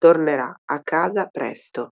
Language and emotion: Italian, neutral